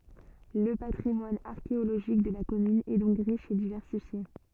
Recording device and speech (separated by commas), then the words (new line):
soft in-ear microphone, read sentence
Le patrimoine archéologique de la commune est donc riche et diversifié.